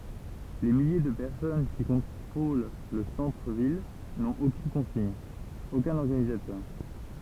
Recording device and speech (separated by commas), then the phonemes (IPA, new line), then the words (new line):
temple vibration pickup, read sentence
le milje də pɛʁsɔn ki kɔ̃tʁol lə sɑ̃tʁ vil nɔ̃t okyn kɔ̃siɲ okœ̃n ɔʁɡanizatœʁ
Les milliers de personnes qui contrôlent le centre ville n'ont aucune consigne, aucun organisateur.